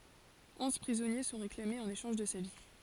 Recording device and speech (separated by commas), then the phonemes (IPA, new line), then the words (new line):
forehead accelerometer, read sentence
ɔ̃z pʁizɔnje sɔ̃ ʁeklamez ɑ̃n eʃɑ̃ʒ də sa vi
Onze prisonniers sont réclamés en échange de sa vie.